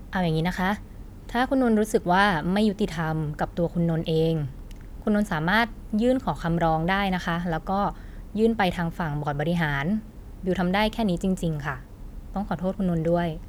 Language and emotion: Thai, neutral